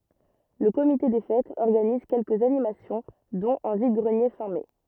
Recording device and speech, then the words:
rigid in-ear microphone, read sentence
Le comité des fêtes organise quelques animations dont un vide-greniers fin mai.

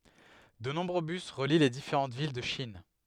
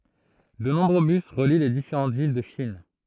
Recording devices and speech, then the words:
headset microphone, throat microphone, read sentence
De nombreux bus relient les différents villes de Chine.

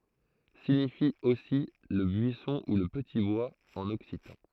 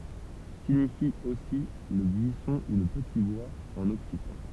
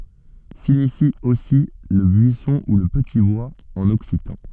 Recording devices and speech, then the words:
throat microphone, temple vibration pickup, soft in-ear microphone, read sentence
Signifie aussi le buisson ou le petit bois en occitan.

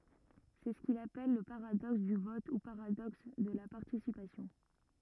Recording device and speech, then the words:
rigid in-ear microphone, read sentence
C'est ce qu'il appelle le paradoxe du vote ou paradoxe de la participation.

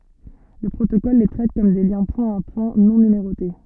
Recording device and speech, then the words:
soft in-ear microphone, read sentence
Le protocole les traite comme des liens point-à-point non numérotés.

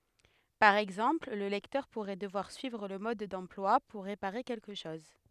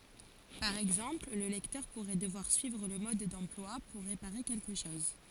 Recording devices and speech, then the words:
headset microphone, forehead accelerometer, read sentence
Par exemple, le lecteur pourrait devoir suivre le mode d'emploi pour réparer quelque chose.

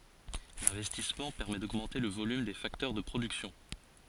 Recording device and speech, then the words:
forehead accelerometer, read sentence
L'investissement permet d'augmenter le volume des facteurs de production.

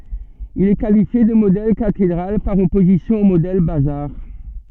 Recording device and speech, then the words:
soft in-ear microphone, read sentence
Il est qualifié de modèle cathédrale par opposition au modèle bazar.

